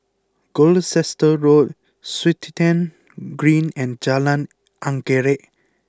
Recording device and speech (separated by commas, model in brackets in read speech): close-talking microphone (WH20), read sentence